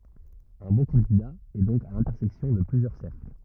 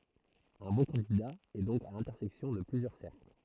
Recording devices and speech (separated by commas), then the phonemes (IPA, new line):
rigid in-ear microphone, throat microphone, read sentence
œ̃ bɔ̃ kɑ̃dida ɛ dɔ̃k a lɛ̃tɛʁsɛksjɔ̃ də plyzjœʁ sɛʁkl